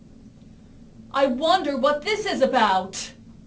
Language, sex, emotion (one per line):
English
female
angry